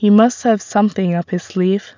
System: none